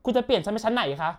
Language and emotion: Thai, frustrated